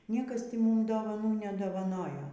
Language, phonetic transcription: Lithuanian, ˈniekas ˈti ˈmum dovaˈnų nedovaˈnojo

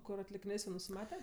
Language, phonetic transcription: Lithuanian, ˈkur atlikiˈnės jau nusiˈmate

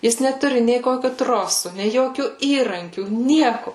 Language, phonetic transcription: Lithuanian, ˈjis neˈturi nei ˈkokiu ˈtrosu nei ˈjokių ˈįrankių ˈnieku

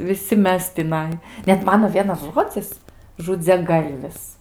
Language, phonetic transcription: Lithuanian, viˈsi ˈmes tiˈnai ˈnet ˈmano ˈvienas ˈžodzis žudziaˈgalvis

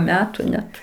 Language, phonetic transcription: Lithuanian, ˈmetu ˈnet

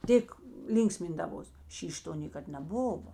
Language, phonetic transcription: Lithuanian, ˈtėk ˈlynksmindavos ˈšyš' ˈto ˈnėkad neˈbuvo

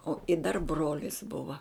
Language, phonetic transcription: Lithuanian, o i dar ˈbrolis ˈbuva

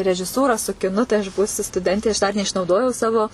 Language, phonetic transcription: Lithuanian, režiˈsūra su kiˈnu tai aš ˈbūsiu stuˈdentė aš dar neišnauˈdojau ˈsavo

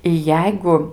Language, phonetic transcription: Lithuanian, i ˈjeigu

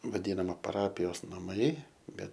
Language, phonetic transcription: Lithuanian, vaˈdynama paˈrapijos naˈmai ˈbet

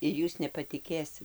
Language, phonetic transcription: Lithuanian, ir ˈjūs nepatiˈkėsit

